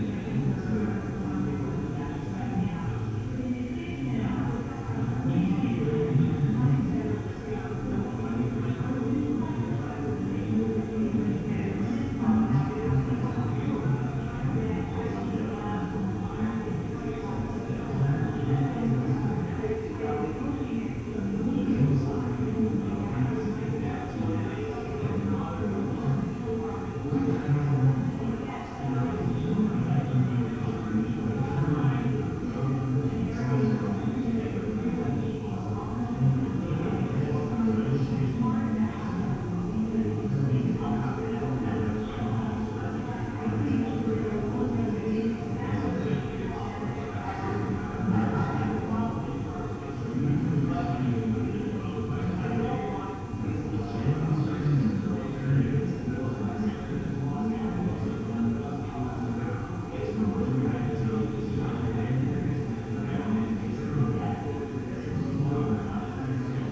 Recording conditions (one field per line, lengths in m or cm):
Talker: no one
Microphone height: 69 cm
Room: very reverberant, large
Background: babble